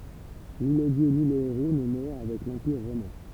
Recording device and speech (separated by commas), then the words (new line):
temple vibration pickup, read sentence
Ni les dieux ni les héros ne meurent avec l'empire romain.